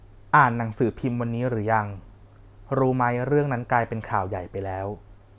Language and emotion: Thai, neutral